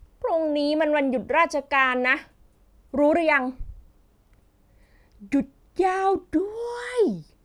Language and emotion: Thai, happy